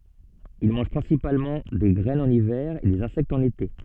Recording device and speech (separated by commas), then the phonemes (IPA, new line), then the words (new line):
soft in-ear microphone, read sentence
il mɑ̃ʒ pʁɛ̃sipalmɑ̃ de ɡʁɛnz ɑ̃n ivɛʁ e dez ɛ̃sɛktz ɑ̃n ete
Ils mangent principalement des graines en hiver et des insectes en été.